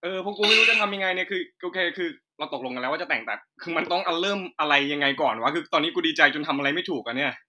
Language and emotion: Thai, happy